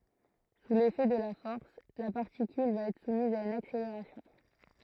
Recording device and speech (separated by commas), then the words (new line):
throat microphone, read sentence
Sous l'effet de la force, la particule va être soumise à une accélération.